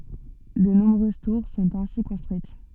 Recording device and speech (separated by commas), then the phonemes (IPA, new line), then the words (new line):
soft in-ear microphone, read sentence
də nɔ̃bʁøz tuʁ sɔ̃t ɛ̃si kɔ̃stʁyit
De nombreuses tours sont ainsi construites.